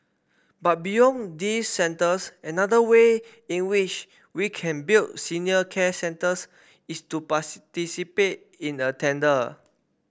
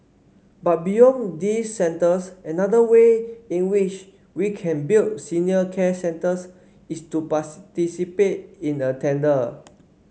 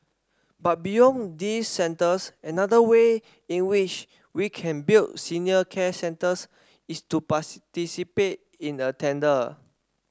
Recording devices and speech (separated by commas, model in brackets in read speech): boundary microphone (BM630), mobile phone (Samsung C5), standing microphone (AKG C214), read sentence